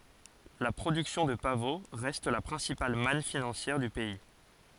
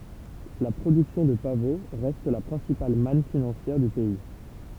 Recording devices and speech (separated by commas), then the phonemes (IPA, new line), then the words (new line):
forehead accelerometer, temple vibration pickup, read sentence
la pʁodyksjɔ̃ də pavo ʁɛst la pʁɛ̃sipal man finɑ̃sjɛʁ dy pɛi
La production de pavot reste la principale manne financière du pays.